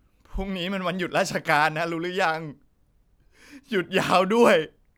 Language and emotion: Thai, sad